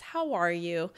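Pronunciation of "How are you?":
'How are you' has a little fall in the voice at the end. It sounds more like a statement than a question, and the tone shows sympathy.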